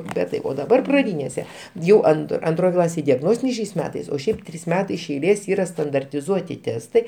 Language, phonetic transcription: Lithuanian, bet tai o daˈbar praˈdynėse ˈjau an anˈtroj ˈklasėj diaˈgnostiniai šiais ˈmetais o ˈšiaip ˈtrys ˈmetai iš eiˈlės ˈyra standartiˈzuoti ˈtestai

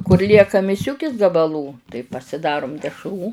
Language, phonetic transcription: Lithuanian, kur ˈlieka miˈsiukis gabaˈlų tai pasiˈdarum dešˈrų

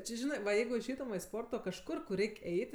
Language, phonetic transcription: Lithuanian, ˈči ˈžinɜ va ˈjeigu išˈeitum va i ˈsporto kažˈkur kur ˈreik' ˈeit

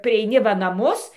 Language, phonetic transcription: Lithuanian, prieiˈni va naˈmus

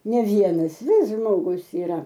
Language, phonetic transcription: Lithuanian, ne ˈvienas ˈvis ˈžmogus iˈra

